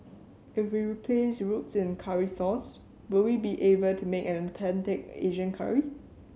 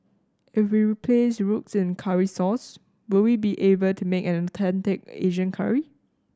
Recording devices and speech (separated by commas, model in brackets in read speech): mobile phone (Samsung C7100), standing microphone (AKG C214), read sentence